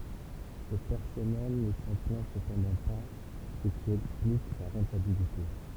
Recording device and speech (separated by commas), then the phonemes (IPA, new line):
temple vibration pickup, read sentence
sə pɛʁsɔnɛl nə sɑ̃ plɛ̃ səpɑ̃dɑ̃ pa sə ki ɛksplik sa ʁɑ̃tabilite